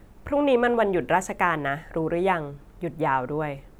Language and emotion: Thai, neutral